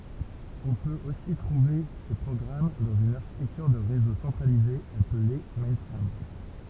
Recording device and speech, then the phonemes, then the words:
temple vibration pickup, read sentence
ɔ̃ pøt osi tʁuve se pʁɔɡʁam dɑ̃z yn aʁʃitɛktyʁ də ʁezo sɑ̃tʁalize aple mɛ̃fʁam
On peut aussi trouver ces programmes dans une architecture de réseau centralisée appelée mainframe.

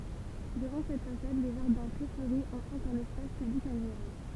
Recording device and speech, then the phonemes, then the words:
temple vibration pickup, read sentence
dəvɑ̃ sɛt fasad le ʒaʁdɛ̃ tʁɛ fløʁi ɑ̃ fɔ̃t œ̃n ɛspas pyblik aɡʁeabl
Devant cette façade, les jardins très fleuris en font un espace public agréable.

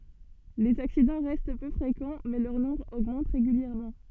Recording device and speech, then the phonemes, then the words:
soft in-ear microphone, read sentence
lez aksidɑ̃ ʁɛst pø fʁekɑ̃ mɛ lœʁ nɔ̃bʁ oɡmɑ̃t ʁeɡyljɛʁmɑ̃
Les accidents restent peu fréquents mais leur nombre augmente régulièrement.

